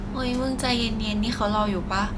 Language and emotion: Thai, neutral